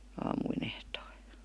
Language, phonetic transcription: Finnish, aamuin ‿ehtoI .
- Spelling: aamuin ehtoolla

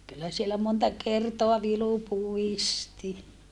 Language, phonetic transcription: Finnish, kyllä sielä monta kertoa vilu puisti .
- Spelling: kyllä siellä monta kertaa vilu puisti

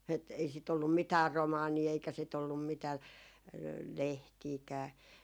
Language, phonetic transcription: Finnish, et , 'ei 'sit ollum 'mitäär "romaanii eikä sit ‿ollum 'mitää , "lehtiikää .
- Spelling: että ei sitä ollut mitään romaaneja eikä sitä ollut mitään lehtiäkään

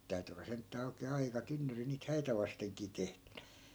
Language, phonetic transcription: Finnish, 'sit täy̬ty olla 'senttää oikee "aika 'tynnyri niit 'häitä vasteŋkii 'tehtYNÄ .
- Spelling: sitä täytyi olla sentään oikein aika tynnyri niitä häitä vastenkin tehtynä

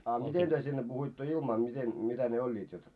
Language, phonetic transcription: Finnish, a 'miten työ sinne puhoitto 'ilmaa miten , 'mitä ne 'oĺĺiit jot ?
- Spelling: a miten te sinne puhuitte ilmaa miten mitä ne olivat jotta

